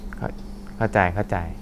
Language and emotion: Thai, neutral